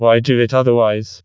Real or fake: fake